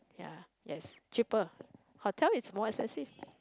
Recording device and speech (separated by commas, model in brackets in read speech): close-talking microphone, conversation in the same room